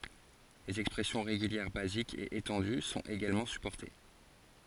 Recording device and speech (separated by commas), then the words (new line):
forehead accelerometer, read sentence
Les expressions régulières basiques et étendues sont également supportées.